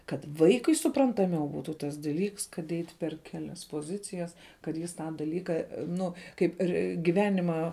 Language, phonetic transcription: Lithuanian, kad ˈvaikui suprantaˈmiau ˈbūtų tas daˈlyks kad ˈeit' per ˈkelias poˈzicijas kad ˈjis ˈtą daˈlyka ˈnu kaip ˈir giˈvenimą

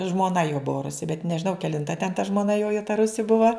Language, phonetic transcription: Lithuanian, žmoˈna jo ˈbua ˈrusi bet nežiˈnau kelinˈta ten ta žmoˈna ˈjo jau ta ˈrusi ˈbuva

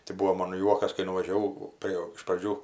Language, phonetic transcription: Lithuanian, tai ˈbuvo ˈmon ˈjuokas kai nuvažiaˈvau ˈprė iš praˈdžių

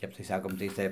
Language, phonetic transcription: Lithuanian, ˈtep tai ˈsakom tai ˈcia

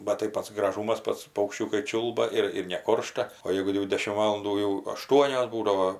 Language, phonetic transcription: Lithuanian, bat tai ˈpats graˈžūmas ˈpats paukšˈčiūkai ˈčiūlba ir ir neˈkoršta o ˈjeigu jau ˈdešim ˈvalandų jau aˈštuonios ˈbūdavo

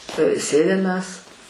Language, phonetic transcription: Lithuanian, ˈsėdim mes

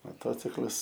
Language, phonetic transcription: Lithuanian, moˈtociklas

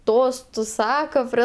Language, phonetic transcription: Lithuanian, ˈtos ˈsako prie

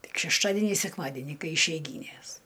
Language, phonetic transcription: Lithuanian, ˈtik šešˈtadenį sekˈmadenį ˈkai išeiˈgynės

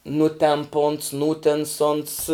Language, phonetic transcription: Lithuanian, ˈnutemp uns ˈnūtens uns

